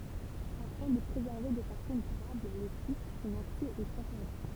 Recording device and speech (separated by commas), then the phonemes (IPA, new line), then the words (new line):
temple vibration pickup, read sentence
afɛ̃ də pʁezɛʁve də fasɔ̃ dyʁabl lə sit sɔ̃n aksɛ ɛt ɛ̃tɛʁdi
Afin de préserver de façon durable le site, son accès est interdit.